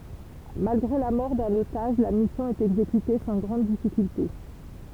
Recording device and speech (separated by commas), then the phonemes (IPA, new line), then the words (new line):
temple vibration pickup, read sentence
malɡʁe la mɔʁ dœ̃n otaʒ la misjɔ̃ ɛt ɛɡzekyte sɑ̃ ɡʁɑ̃d difikylte
Malgré la mort d'un otage, la mission est exécutée sans grandes difficultés.